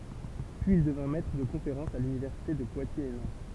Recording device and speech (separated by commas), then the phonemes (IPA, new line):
temple vibration pickup, read sentence
pyiz il dəvjɛ̃ mɛtʁ də kɔ̃feʁɑ̃sz a lynivɛʁsite də pwatjez e nɑ̃t